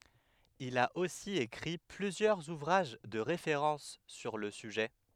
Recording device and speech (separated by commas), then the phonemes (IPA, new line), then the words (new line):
headset microphone, read sentence
il a osi ekʁi plyzjœʁz uvʁaʒ də ʁefeʁɑ̃s syʁ lə syʒɛ
Il a aussi écrit plusieurs ouvrages de référence sur le sujet.